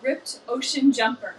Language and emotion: English, fearful